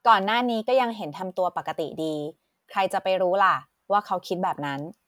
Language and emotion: Thai, neutral